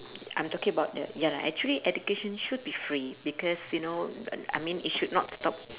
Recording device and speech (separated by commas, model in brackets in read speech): telephone, conversation in separate rooms